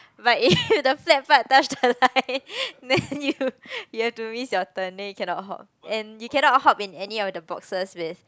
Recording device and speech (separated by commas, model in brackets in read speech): close-talking microphone, conversation in the same room